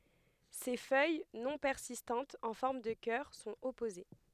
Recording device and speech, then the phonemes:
headset microphone, read sentence
se fœj nɔ̃ pɛʁsistɑ̃tz ɑ̃ fɔʁm də kœʁ sɔ̃t ɔpoze

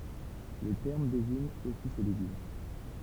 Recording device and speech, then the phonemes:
temple vibration pickup, read sentence
lə tɛʁm deziɲ osi sə leɡym

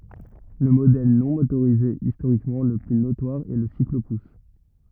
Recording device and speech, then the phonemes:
rigid in-ear microphone, read sentence
lə modɛl nɔ̃ motoʁize istoʁikmɑ̃ lə ply notwaʁ ɛ lə siklopus

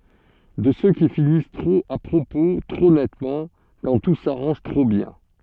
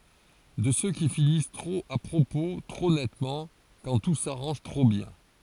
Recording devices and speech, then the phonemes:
soft in-ear microphone, forehead accelerometer, read sentence
də sø ki finis tʁop a pʁopo tʁo nɛtmɑ̃ kɑ̃ tu saʁɑ̃ʒ tʁo bjɛ̃

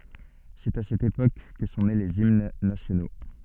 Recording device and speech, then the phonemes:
soft in-ear microphone, read sentence
sɛt a sɛt epok kə sɔ̃ ne lez imn nasjono

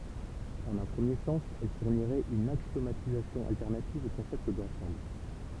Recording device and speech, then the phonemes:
temple vibration pickup, read sentence
ɑ̃n œ̃ pʁəmje sɑ̃s ɛl fuʁniʁɛt yn aksjomatizasjɔ̃ altɛʁnativ o kɔ̃sɛpt dɑ̃sɑ̃bl

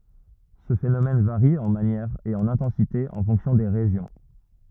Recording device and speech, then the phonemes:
rigid in-ear microphone, read sentence
sə fenomɛn vaʁi ɑ̃ manjɛʁ e ɑ̃n ɛ̃tɑ̃site ɑ̃ fɔ̃ksjɔ̃ de ʁeʒjɔ̃

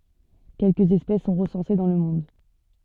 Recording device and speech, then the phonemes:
soft in-ear microphone, read sentence
kɛlkə ɛspɛs sɔ̃ ʁəsɑ̃se dɑ̃ lə mɔ̃d

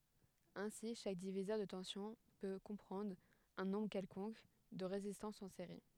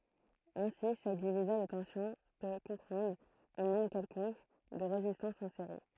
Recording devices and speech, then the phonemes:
headset microphone, throat microphone, read sentence
osi ʃak divizœʁ də tɑ̃sjɔ̃ pø kɔ̃pʁɑ̃dʁ œ̃ nɔ̃bʁ kɛlkɔ̃k də ʁezistɑ̃sz ɑ̃ seʁi

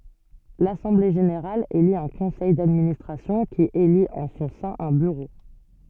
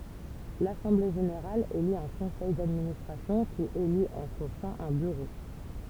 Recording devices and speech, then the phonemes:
soft in-ear microphone, temple vibration pickup, read sentence
lasɑ̃ble ʒeneʁal eli œ̃ kɔ̃sɛj dadministʁasjɔ̃ ki elit ɑ̃ sɔ̃ sɛ̃ œ̃ byʁo

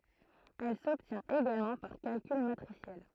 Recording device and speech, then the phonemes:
throat microphone, read sentence
ɛl sɔbtjɛ̃t eɡalmɑ̃ paʁ kalkyl matʁisjɛl

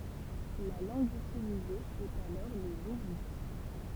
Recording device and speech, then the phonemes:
temple vibration pickup, read sentence
la lɑ̃ɡ ytilize ɛt alɔʁ lə luvit

